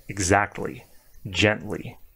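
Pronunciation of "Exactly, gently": In 'exactly' and 'gently', the T is emphasized and the T and L don't blend together.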